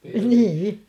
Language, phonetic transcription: Finnish, 'nii₍i .
- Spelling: niin

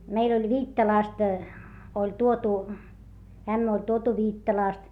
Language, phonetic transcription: Finnish, meil ‿oĺ Viittalàst , oĺ tuotu , ämmä oĺ tuotu Viittalàst .
- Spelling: meillä oli Viittalasta oli tuotu ämmä oli tuotu Viittalasta

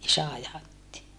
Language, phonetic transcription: Finnish, isä ajatti .
- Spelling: isä ajatti

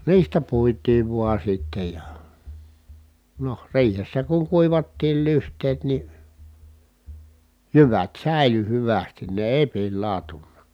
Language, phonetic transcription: Finnish, niistä puit̀iiv vua sitte ja , noh , riihessä kuŋ kuivattiil lyht̀eet ni , jyvät sä̀i̮ly hyvästin ne èi̮ pillàu̬tunna .
- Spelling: niistä puitiin vain sitten ja no riihessä kun kuivattiin lyhteet niin jyvät säilyi hyvästi ne ei pilaantunut

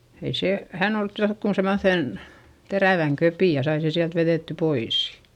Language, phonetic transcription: Finnish, ei se , hän ‿ol (ottanu joŋku) semoϑen , terä̀väŋ köpì ja sai se siält verètty pois .
- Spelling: ei se hän oli ottanut jonkun semmoisen terävän kepin ja sai sen sieltä vedettyä pois

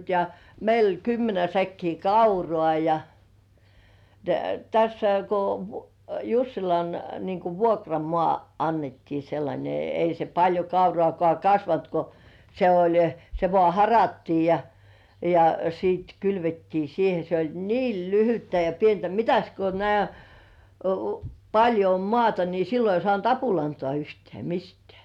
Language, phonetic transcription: Finnish, ja , meil ‿oĺ 'kymmenä säkkii "kaurŏà ja , ja tässä ko , "Jussilan , niiŋ ku "vuokramŏà , 'annettii sellańe , 'ei se paĺjo "kaurŏàkŏà 'kasvant ko , se oĺ - - se vŏà "harattii ja , ja siit kylvettii siihe se oĺ "niil "lyhyttä ja 'pientä "mitäs ko nĕä̀[t] , 'paĺjo om 'mŏàta ni sillo ei 'sŏànt "apulantŏà yhtĕä̀ 'mistĕä̀ .
- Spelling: ja meillä oli kymmenen säkkiä kauraa ja ja tässä kun Jussilan niin kuin vuokramaa annettiin sellainen ei se paljon kauraakaan kasvanut kun se oli se vain harattiin ja ja sitten kylvettiin siihen se oli niin lyhyttä ja pientä mitäs kun näet paljon on maata niin silloin ei saanut apulantaa yhtään mistään

